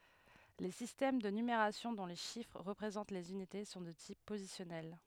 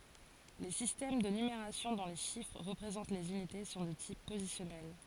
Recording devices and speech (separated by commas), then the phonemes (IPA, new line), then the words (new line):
headset microphone, forehead accelerometer, read sentence
le sistɛm də nymeʁasjɔ̃ dɔ̃ le ʃifʁ ʁəpʁezɑ̃t lez ynite sɔ̃ də tip pozisjɔnɛl
Les systèmes de numération dont les chiffres représentent les unités sont de type positionnel.